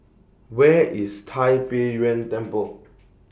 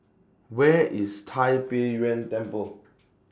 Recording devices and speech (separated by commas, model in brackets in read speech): boundary microphone (BM630), standing microphone (AKG C214), read sentence